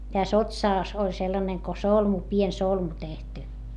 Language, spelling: Finnish, tässä otsassa oli sellainen kuin solmu pieni solmu tehty
- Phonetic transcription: täs ‿otsàs oĺ sellaneŋ ko solmu pien solmu tehty .

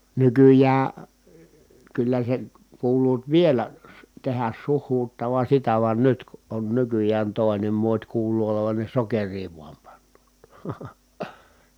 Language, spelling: Finnish, nykyään kyllä sen kuuluvat vielä - tehdä suhuuttavan sitä vaan nyt kun on nykyään toinen muoti kuuluu olevan ne sokeria vain panevat
- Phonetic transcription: nykyjää , kyllä sen̬ , kuuluut vielä , su- , tehäs suh̀uuttavan̬ sitä van nyt ku ʼon nykyj̆jään tòi̮nem muot́ kuuluu olovan ne sokerii vuam pannOOt .

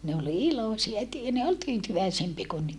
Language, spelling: Finnish, ne oli iloisia - ne oli tyytyväisempiä kuin nyt
- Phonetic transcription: ne ol ilosia tyy - ne ol tyytyväisempie ku nyt .

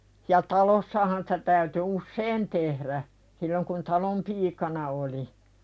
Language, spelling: Finnish, ja talossahan sitä täytyi usein tehdä silloin kun talon piikana oli
- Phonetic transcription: ja 'talossahan sᴵtä täyty "usseen tehðä , silloŋ kun "talom 'piikana oli .

